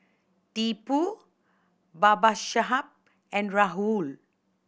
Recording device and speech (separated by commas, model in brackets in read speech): boundary microphone (BM630), read sentence